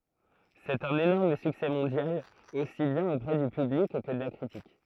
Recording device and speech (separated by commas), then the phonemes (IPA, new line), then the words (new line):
throat microphone, read sentence
sɛt œ̃n enɔʁm syksɛ mɔ̃djal osi bjɛ̃n opʁɛ dy pyblik kə də la kʁitik
C'est un énorme succès mondial, aussi bien auprès du public, que de la critique.